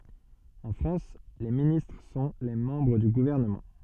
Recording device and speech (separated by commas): soft in-ear microphone, read sentence